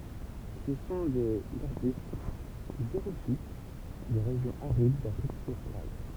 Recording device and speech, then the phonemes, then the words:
temple vibration pickup, read sentence
sə sɔ̃ dez aʁbyst ɡzeʁofit de ʁeʒjɔ̃z aʁid dafʁik ostʁal
Ce sont des arbustes xérophytes des régions arides d'Afrique australe.

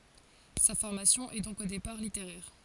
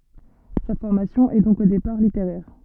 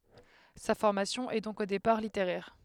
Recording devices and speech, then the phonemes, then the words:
forehead accelerometer, soft in-ear microphone, headset microphone, read sentence
sa fɔʁmasjɔ̃ ɛ dɔ̃k o depaʁ liteʁɛʁ
Sa formation est donc au départ littéraire.

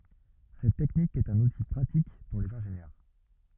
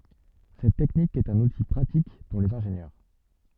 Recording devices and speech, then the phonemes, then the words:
rigid in-ear microphone, soft in-ear microphone, read sentence
sɛt tɛknik ɛt œ̃n uti pʁatik puʁ lez ɛ̃ʒenjœʁ
Cette technique est un outil pratique pour les ingénieurs.

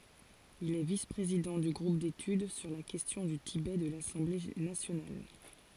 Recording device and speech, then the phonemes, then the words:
forehead accelerometer, read sentence
il ɛ vis pʁezidɑ̃ dy ɡʁup detyd syʁ la kɛstjɔ̃ dy tibɛ də lasɑ̃ble nasjonal
Il est vice-président du groupe d'études sur la question du Tibet de l'Assemblée nationale.

